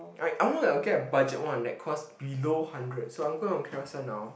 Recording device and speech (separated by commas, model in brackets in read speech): boundary microphone, conversation in the same room